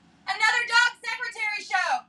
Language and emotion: English, neutral